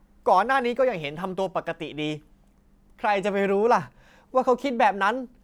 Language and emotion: Thai, angry